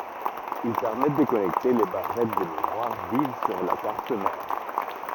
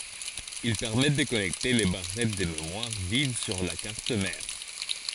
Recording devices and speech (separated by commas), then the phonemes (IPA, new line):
rigid in-ear microphone, forehead accelerometer, read sentence
il pɛʁmɛt də kɔnɛkte le baʁɛt də memwaʁ viv syʁ la kaʁt mɛʁ